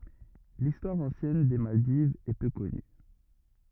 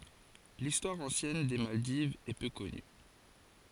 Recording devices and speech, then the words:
rigid in-ear microphone, forehead accelerometer, read sentence
L'histoire ancienne des Maldives est peu connue.

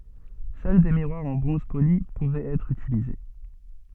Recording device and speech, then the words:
soft in-ear microphone, read sentence
Seuls des miroirs en bronze poli pouvaient être utilisés.

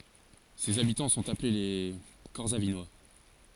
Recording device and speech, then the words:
forehead accelerometer, read sentence
Ses habitants sont appelés les Corsavinois.

